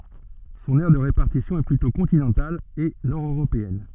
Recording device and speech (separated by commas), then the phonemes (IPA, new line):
soft in-ear microphone, read sentence
sɔ̃n ɛʁ də ʁepaʁtisjɔ̃ ɛ plytɔ̃ kɔ̃tinɑ̃tal e nɔʁdøʁopeɛn